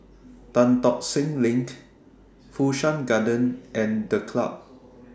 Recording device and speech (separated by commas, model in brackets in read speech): standing microphone (AKG C214), read sentence